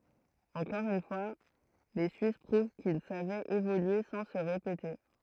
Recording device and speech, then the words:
throat microphone, read sentence
Encore une fois, les suisses prouvent qu'ils savaient évoluer sans se répéter.

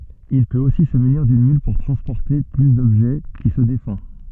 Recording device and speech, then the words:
soft in-ear microphone, read sentence
Il peut aussi se munir d'une mule pour transporter plus d'objets, qui se défend.

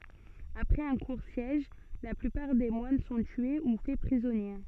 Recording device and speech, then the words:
soft in-ear microphone, read sentence
Après un court siège, la plupart des moines sont tués ou faits prisonniers.

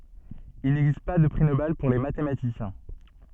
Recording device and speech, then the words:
soft in-ear microphone, read sentence
Il n'existe pas de prix Nobel pour les mathématiciens.

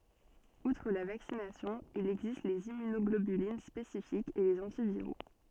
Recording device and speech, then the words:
soft in-ear microphone, read sentence
Outre la vaccination, il existe les immunoglobulines spécifiques et les antiviraux.

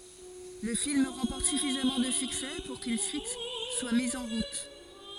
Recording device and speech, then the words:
forehead accelerometer, read sentence
Le film remporte suffisamment de succès pour qu’une suite soit mise en route.

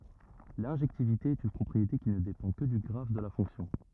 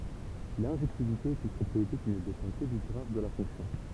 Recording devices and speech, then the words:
rigid in-ear microphone, temple vibration pickup, read sentence
L'injectivité est une propriété qui ne dépend que du graphe de la fonction.

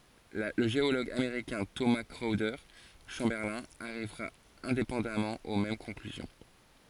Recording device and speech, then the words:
forehead accelerometer, read sentence
Le géologue américain Thomas Chrowder Chamberlin arrivera indépendamment aux mêmes conclusions.

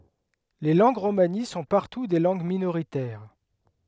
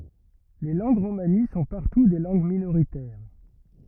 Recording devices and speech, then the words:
headset microphone, rigid in-ear microphone, read sentence
Les langues romanies sont partout des langues minoritaires.

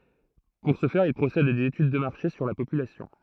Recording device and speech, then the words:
throat microphone, read sentence
Pour ce faire, ils procèdent à des études de marché sur la population.

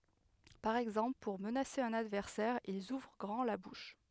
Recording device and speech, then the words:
headset microphone, read sentence
Par exemple pour menacer un adversaire, ils ouvrent grand la bouche.

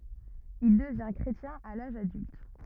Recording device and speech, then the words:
rigid in-ear microphone, read sentence
Il devint chrétien à l'âge adulte.

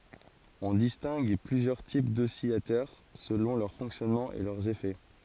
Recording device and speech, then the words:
forehead accelerometer, read sentence
On distingue plusieurs types d'oscillateurs selon leur fonctionnement et leurs effets.

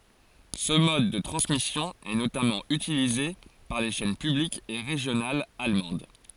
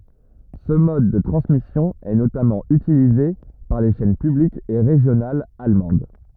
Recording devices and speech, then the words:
forehead accelerometer, rigid in-ear microphone, read sentence
Ce mode de transmission est notamment utilisé par les chaînes publiques et régionales allemandes.

